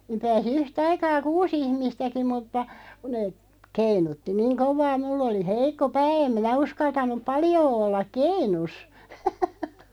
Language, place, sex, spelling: Finnish, Loppi, female, niin pääsi yhtä aikaa kuusi ihmistäkin mutta kun ne keinutti niin kovaa minulla oli heikko pää en minä uskaltanut paljoa olla keinussa
- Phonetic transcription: niiᵐ 'pääsi "yh"taikaa "kuu's ‿ihmistäki mutta , ku (nee) , 'keinutti 'niiŋ "kov̆vaa mull ‿oli "heik̆ko 'pää 'em minä 'uskaltan̆nuᵖ "paljoo 'ollaᵏ "keinus .

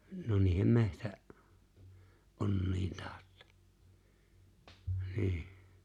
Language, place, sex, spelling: Finnish, Lapinlahti, male, no niiden - metsäonnien tautta niin
- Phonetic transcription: no 'niihem 'mehtä- , '’onniin 'taaᵒttᴀ , 'ni̬i̬h .

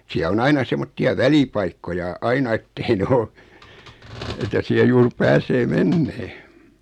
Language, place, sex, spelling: Finnish, Noormarkku, male, siellä on aina semmoisia välipaikkoja aina että ei ne ole että siellä juuri pääsee menemään
- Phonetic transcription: 'siä o 'aina 'semmotti₍a "välipaikkoja 'aina ettei 'nᵉ o , etä 'siä 'juur 'pääsee "mennee .

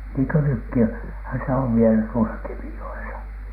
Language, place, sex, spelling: Finnish, Alatornio, male, niin kuin - nytkinhän se on vielä tuossa Kemijoessa
- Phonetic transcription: niiŋkö 'nykki , -hä se ov vielä tuosa 'Kemijo₍esa .

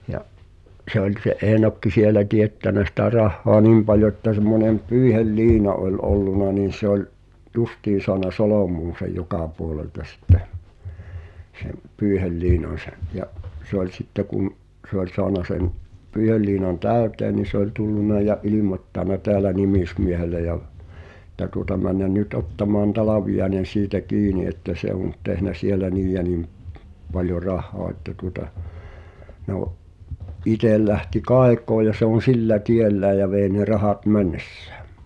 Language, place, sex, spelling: Finnish, Pihtipudas, male, ja se oli se Eenokki siellä teettänyt sitä rahaa niin paljon että semmoinen pyyheliina oli ollut niin se oli justiin saanut solmuun sen joka puolelta sitten sen pyyheliinan se ja se oli sitten kun se oli saanut sen pyyheliinan täyteen niin se oli tullut ja ilmoittanut täällä nimismiehelle ja että tuota mennä nyt ottamaan Talviainen siitä kiinni että se on nyt tehnyt siellä niin ja niin paljon rahaa että tuota no itse lähti kaikoon ja se on sillä tiellään ja vei ne rahat mennessään
- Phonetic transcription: ja’ , 'se ‿oĺ se "’Eenokki 'sielä 'tiettänä sitä 'rahhoa "nim paljo ᵉttä semmonem 'pyyihel"liina ’oĺ 'olluna niin̬ se ‿oĺ , "justiin̬ soana 'solòm̀uun̬ sej̆ 'jokà puolelta sⁱtteʰ , sem̆ , "pyyhel'liinan̬ 'se , ja’ , se ‿oĺ sitte kun’ , ’sə ‿ol 'soana sen , 'pỳihelliinan "täöt̀ee ni se ‿oĺ 'tullun̆na ja "ilimot́tàna 'teälä 'nimismiehele ja , [e]t̆tä tuŏta männän̆ 'ny"t ‿ottamaan "Talaviʲaĕnen̬ 'siitä 'kiini että 'se ‿o̭ nʸt tehnä 'sielä "niij ja 'nim , paljo "rah̆ha̳a̳ että tuŏta , no’ , 'itel lähti "kaek̀oo ja se on̬ "sillä 'tiellääj ja vèi̬ ne 'rahat "männessᴀ̈ᴀ̈ .

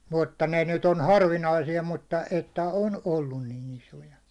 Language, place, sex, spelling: Finnish, Hollola, male, mutta ne nyt on harvinaisia mutta että on ollut niin isoja
- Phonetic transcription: 'mutta 'ne nyt ‿on "harvinaisija mutta , että "on 'ollun nin 'isoja .

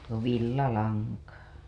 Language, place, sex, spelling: Finnish, Hailuoto, female, no villalankaa
- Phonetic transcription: no villalaŋkaa .

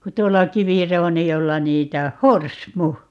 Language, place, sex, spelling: Finnish, Paavola, female, kun tuolla kivirouniolla niitä on horsmu
- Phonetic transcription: ku 'tuolla "kivirounijolla 'niitä oh̆ - "horsmu !

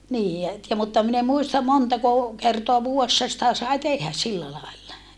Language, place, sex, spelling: Finnish, Saarijärvi, female, niin ja että ja mutta minä en muista montako kertaa vuodessa sitä sai tehdä sillä lailla
- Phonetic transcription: nii ja et ja mutta min ‿em muistam montako , kertoa vuu₍essa sitä sai tehhä sillä laella .

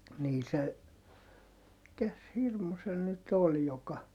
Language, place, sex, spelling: Finnish, Heinola, male, niin se mikäs hirmu se nyt oli joka
- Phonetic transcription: nii se , mikäs hirmu se nyt ol joka ,.

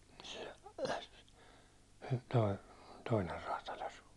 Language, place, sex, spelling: Finnish, Hollola, male, se - toinen räätäli asui
- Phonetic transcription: se , toi- , 'toiner raata'ĺ ‿asu .

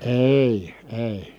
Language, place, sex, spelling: Finnish, Kitee, male, ei ei
- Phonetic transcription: èi , èi .

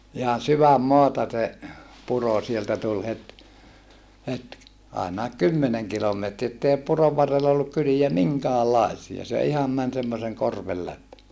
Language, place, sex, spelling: Finnish, Saarijärvi, male, ihan sydänmaata se puro sieltä tuli heti heti ainakin kymmenen kilometriä että ei puron varrella ollut kyliä minkäänlaisia se ihan meni semmoisen korven läpi
- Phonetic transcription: ihan syvämmoata se , puro sieltä tul het , het , àenàek kymmeneŋ kilometri(ä) ettèi purov varrella olluk kyliä miŋkäällaisia se iham män semmoseŋ korvel läp .

